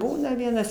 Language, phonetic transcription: Lithuanian, ˈbūna ˈvienas

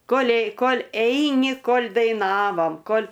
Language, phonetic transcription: Lithuanian, ˈkolei ˈkol' ˈeini ˈkol' daiˈnavom ˈkol'

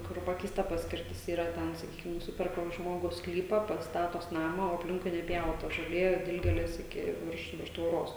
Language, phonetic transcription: Lithuanian, kur ˈpakeista ˈpaskirtis ˈyra ˈten saˈkykim nuˈsiperka ˈžmogus ˈsklypa ˈpats ˈstatos ˈnama o apˈlinkui neˈpjauta žoˈlė ˈdilgėlės ˈiki ˈvirš ˈvirš tvoˈros

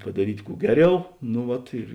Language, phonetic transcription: Lithuanian, padaˈryt' ˈkų ˈgeˌriau nu ˈvat ir

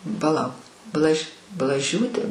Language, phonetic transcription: Lithuanian, paˈlauk ˈblaž' blaˈžiūtė

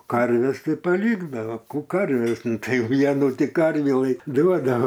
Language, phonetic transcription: Lithuanian, ˈkarves ˈtai paˈlykdava ˈkų ˈkarves nu ˈtai ˈvienu ˈti ˈkarvį lai ˈduodavs

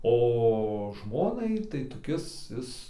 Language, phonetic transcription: Lithuanian, o ˈžmonai ir tai toˈkis ˈis

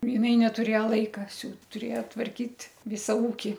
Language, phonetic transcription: Lithuanian, jiˈnai netuˈrėja ˈlaika ˈsiūt tuˈrėja tvarˈkyt' ˈvisa ˈūki

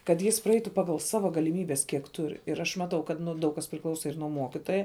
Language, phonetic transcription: Lithuanian, kad ˈjis praˈeitu ˈpagal ˈsava galiˈmybes kiek ˈtur ir aš maˈtau kad ˈnu ˈdaug kas priˈklausa ir nuo ˈmuokitoja

